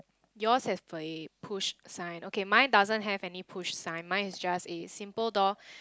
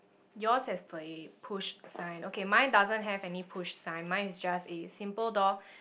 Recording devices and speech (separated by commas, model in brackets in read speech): close-talking microphone, boundary microphone, conversation in the same room